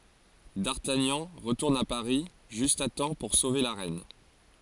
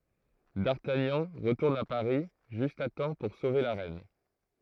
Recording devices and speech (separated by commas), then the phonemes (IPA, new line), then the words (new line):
forehead accelerometer, throat microphone, read sentence
daʁtaɲɑ̃ ʁətuʁn a paʁi ʒyst a tɑ̃ puʁ sove la ʁɛn
D'Artagnan retourne à Paris juste à temps pour sauver la reine.